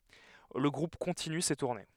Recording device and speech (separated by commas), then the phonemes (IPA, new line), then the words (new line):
headset microphone, read sentence
lə ɡʁup kɔ̃tiny se tuʁne
Le groupe continue ses tournées.